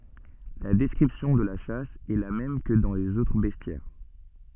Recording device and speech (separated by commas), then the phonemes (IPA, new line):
soft in-ear microphone, read sentence
la dɛskʁipsjɔ̃ də la ʃas ɛ la mɛm kə dɑ̃ lez otʁ bɛstjɛʁ